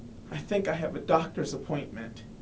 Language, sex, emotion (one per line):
English
male
sad